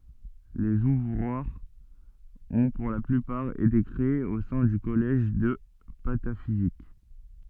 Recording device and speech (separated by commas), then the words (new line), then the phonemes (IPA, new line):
soft in-ear microphone, read sentence
Les ouvroirs ont pour la plupart été créés au sein du Collège de Pataphysique.
lez uvʁwaʁz ɔ̃ puʁ la plypaʁ ete kʁeez o sɛ̃ dy kɔlɛʒ də patafizik